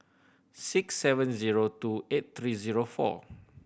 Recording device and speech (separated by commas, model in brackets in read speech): boundary microphone (BM630), read sentence